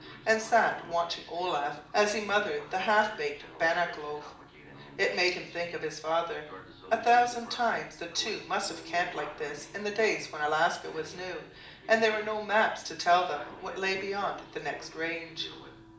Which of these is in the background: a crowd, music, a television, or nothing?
A television.